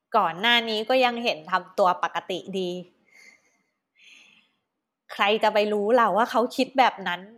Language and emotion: Thai, frustrated